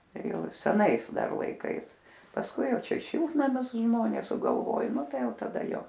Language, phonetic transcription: Lithuanian, ˈjau seˈnais ˈdar laiˈkais pasˈkui ˈjau ˈčia ˈšiltnamius ˈžmonės sugalˈvoj ˈnu ˈtai ˈjau taˈda ˈjo

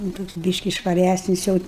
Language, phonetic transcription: Lithuanian, nu ˈtoks ˈbyški švaˈræsnis jau

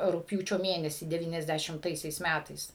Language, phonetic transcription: Lithuanian, rugpˈjūčio ˈmėnesį deˌvyniasˌdæšimˈtaisiais ˈmætais

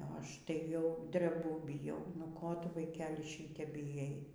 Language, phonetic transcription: Lithuanian, o ˈaš tai jau dreˈbu biˈjau nu ˈko ˈtu vaiˈkeli ˈšytep biˈjai

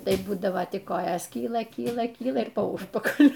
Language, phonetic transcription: Lithuanian, ˈtai ˈbūdavo tik ˈkojos ˈkyla ˈkyla ˈkyla ir po ˈužpakaliu

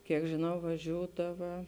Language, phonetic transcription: Lithuanian, kiek žiˈnau vaˈžiūdava

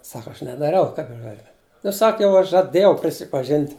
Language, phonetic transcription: Lithuanian, ˈsak ˈaš nedaˈriau ˈkaip aš ˈgaˌliu nu ˈsak jau ˈaš žaˈdėjau prisipaˈžint'

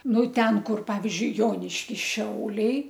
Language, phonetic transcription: Lithuanian, ˈnu ˈten ˈkur ˈpavizdžiui ˈjoniškis ˈšiauliai

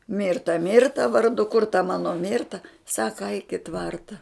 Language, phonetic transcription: Lithuanian, ˈmirta ˈmirta varˈdu kur ta ˈmano ˈmirta ˈsaka aik i ˈtvarta

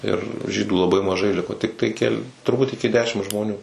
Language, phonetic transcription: Lithuanian, ir ˈžydų laˈbai maˈžai ˈliko ˈtiktai keˈli turˈbūt iki ˈdešim žmoˈnių

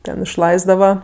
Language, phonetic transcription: Lithuanian, ˈten išˈlaisdava

